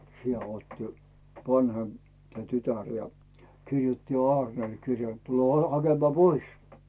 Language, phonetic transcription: Finnish, 'si₍ä ootti , 'vanhemp , tä "tytär , ja 'kirjutti jo "Aarnel 'kirjee ‿t » 'tule 'hakemaa "pois « .
- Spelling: siellä odotti vanhempi tämä tytär ja kirjoitti jo Aarnelle kirjeen että tule hakemaan pois

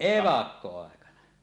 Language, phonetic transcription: Finnish, evakko₍àekana .
- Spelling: evakkoaikana

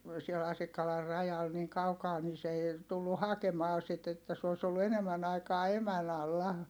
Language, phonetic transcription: Finnish, siel Asikkalar rajal niiŋ kaukaa ni se èi̮ , tullu hakemaa sit ‿että s ‿òi̮s ‿ollu enemmän ‿aikaa emän ‿alla .
- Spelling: siellä Asikkalan rajalla niin kaukaa niin se ei tullut hakemaan sitä että se olisi ollut enemmän aikaa emän alla

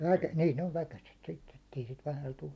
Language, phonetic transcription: Finnish, väkä- , 'niin ‿ov 'väkäset sitte , ettei isit 'vähäl tu .
- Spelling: - niin on väkäset sitten että ei siitä vähällä tule

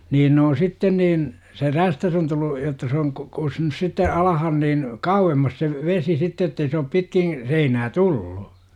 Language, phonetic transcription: Finnish, 'niin n ‿oon "sitten niin , se "rästäs on tullu , jotta se oŋ k- 'kusnus sitte , "alahan niin , "kauwemmas se , "vesi 'sitte ettei se op 'pitkiḭ , 'seinää "tullu .
- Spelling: niin ne on sitten niin se räystäs on tullut jotta se on - kussut sitten alas niin kauemmas se vesi sitten että ei se ole pitkin seinää tullut

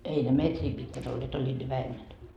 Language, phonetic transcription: Finnish, 'ei ne "metrii pitkät ‿olleet , 'oĺĺiiD ne 'vähemmän .
- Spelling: ei ne metriä pitkät olleet olivat ne vähemmän

